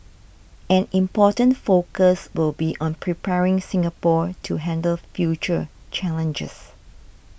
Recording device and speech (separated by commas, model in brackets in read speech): boundary microphone (BM630), read sentence